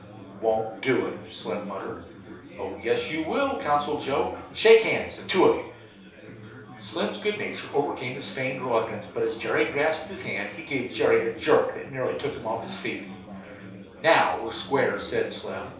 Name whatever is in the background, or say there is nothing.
Crowd babble.